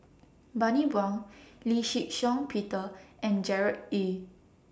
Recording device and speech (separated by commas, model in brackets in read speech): standing microphone (AKG C214), read sentence